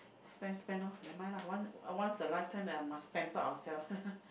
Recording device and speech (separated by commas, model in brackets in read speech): boundary microphone, conversation in the same room